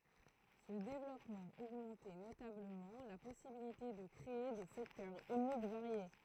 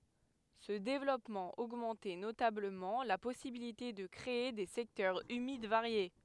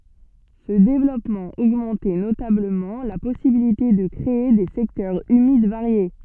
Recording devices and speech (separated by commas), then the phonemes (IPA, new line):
throat microphone, headset microphone, soft in-ear microphone, read sentence
sə devlɔpmɑ̃ oɡmɑ̃tɛ notabləmɑ̃ la pɔsibilite də kʁee de sɛktœʁz ymid vaʁje